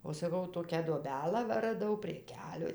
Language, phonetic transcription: Lithuanian, o saˈkau ˈtokią duoˈbelą ˈva raˈdau prie ˈkeliui

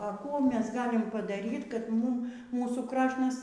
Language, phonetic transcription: Lithuanian, a ˈkų ˈmes ˈgalim padaˈryt kad ˈmūm ˈmūsų ˈkrašnas

